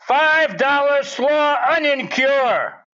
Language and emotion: English, surprised